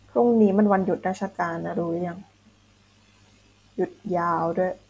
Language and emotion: Thai, frustrated